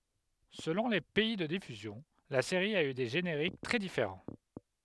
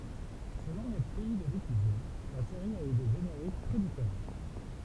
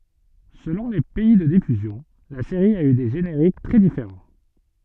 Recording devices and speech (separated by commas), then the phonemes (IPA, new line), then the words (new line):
headset microphone, temple vibration pickup, soft in-ear microphone, read sentence
səlɔ̃ le pɛi də difyzjɔ̃ la seʁi a y de ʒeneʁik tʁɛ difeʁɑ̃
Selon les pays de diffusion, la série a eu des génériques très différents.